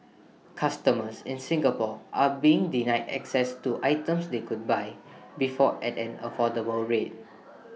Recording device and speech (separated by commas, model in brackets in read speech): mobile phone (iPhone 6), read sentence